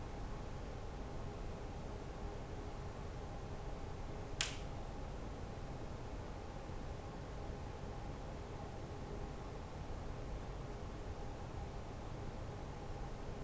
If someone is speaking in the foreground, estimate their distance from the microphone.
No talker.